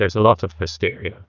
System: TTS, neural waveform model